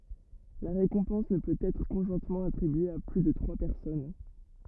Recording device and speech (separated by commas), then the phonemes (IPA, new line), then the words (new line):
rigid in-ear microphone, read sentence
la ʁekɔ̃pɑ̃s nə pøt ɛtʁ kɔ̃ʒwɛ̃tmɑ̃ atʁibye a ply də tʁwa pɛʁsɔn
La récompense ne peut être conjointement attribuée à plus de trois personnes.